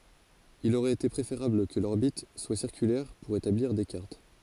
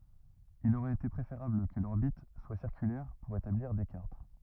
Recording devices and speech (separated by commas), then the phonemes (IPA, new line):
forehead accelerometer, rigid in-ear microphone, read sentence
il oʁɛt ete pʁefeʁabl kə lɔʁbit swa siʁkylɛʁ puʁ etabliʁ de kaʁt